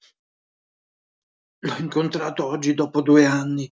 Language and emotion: Italian, fearful